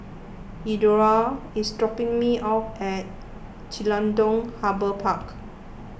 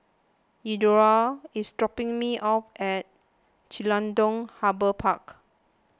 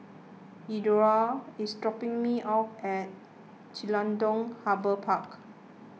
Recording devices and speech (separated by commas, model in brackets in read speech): boundary microphone (BM630), close-talking microphone (WH20), mobile phone (iPhone 6), read sentence